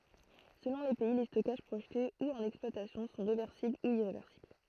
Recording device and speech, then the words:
throat microphone, read sentence
Selon les pays, les stockages projetés ou en exploitation sont réversibles ou irréversibles.

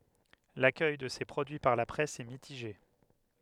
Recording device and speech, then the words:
headset microphone, read sentence
L'accueil de ces produits par la presse est mitigé.

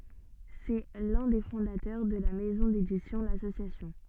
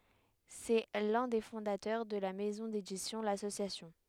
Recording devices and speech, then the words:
soft in-ear microphone, headset microphone, read sentence
C'est l'un des fondateurs de la maison d'édition L'Association.

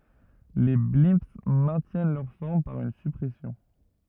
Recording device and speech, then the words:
rigid in-ear microphone, read sentence
Les blimps maintiennent leur forme par une surpression.

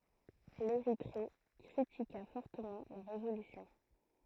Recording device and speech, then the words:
throat microphone, read sentence
L'Érythrée critiqua fortement la résolution.

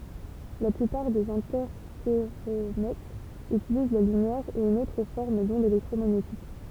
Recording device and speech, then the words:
temple vibration pickup, read sentence
La plupart des interféromètres utilisent la lumière ou une autre forme d'onde électromagnétique.

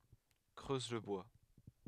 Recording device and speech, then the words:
headset microphone, read sentence
Creuse le bois.

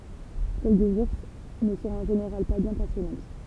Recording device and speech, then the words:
temple vibration pickup, read sentence
Celles des ours ne sont en général pas bien passionnantes.

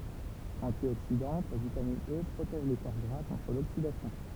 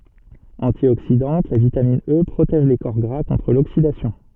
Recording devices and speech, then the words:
temple vibration pickup, soft in-ear microphone, read sentence
Antioxydante, la vitamine E protège les corps gras contre l'oxydation.

